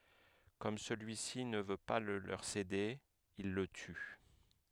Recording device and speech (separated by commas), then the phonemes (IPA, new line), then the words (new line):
headset microphone, read sentence
kɔm səlyisi nə vø pa lə løʁ sede il lə ty
Comme celui-ci ne veut pas le leur céder, ils le tuent.